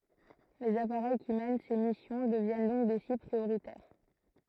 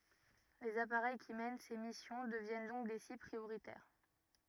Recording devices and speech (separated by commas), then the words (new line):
throat microphone, rigid in-ear microphone, read sentence
Les appareils qui mènent ces missions deviennent donc des cibles prioritaires.